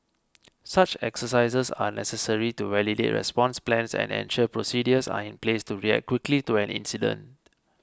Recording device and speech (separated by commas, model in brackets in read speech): close-talking microphone (WH20), read sentence